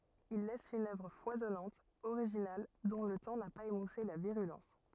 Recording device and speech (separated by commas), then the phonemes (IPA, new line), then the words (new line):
rigid in-ear microphone, read sentence
il lɛs yn œvʁ fwazɔnɑ̃t oʁiʒinal dɔ̃ lə tɑ̃ na paz emuse la viʁylɑ̃s
Il laisse une œuvre foisonnante, originale, dont le temps n'a pas émoussé la virulence.